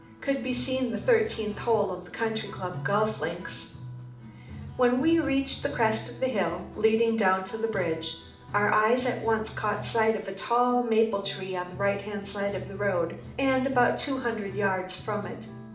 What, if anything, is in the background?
Music.